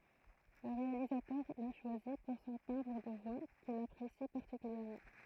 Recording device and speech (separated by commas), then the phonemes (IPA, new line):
throat microphone, read sentence
lə ʁealizatœʁ la ʃwazi puʁ sɔ̃ tɛ̃bʁ də vwa kil apʁesi paʁtikyljɛʁmɑ̃